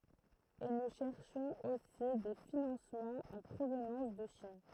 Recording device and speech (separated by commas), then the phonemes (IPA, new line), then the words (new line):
throat microphone, read sentence
e nu ʃɛʁʃɔ̃z osi de finɑ̃smɑ̃z ɑ̃ pʁovnɑ̃s də ʃin
Et nous cherchons aussi des financements en provenance de Chine.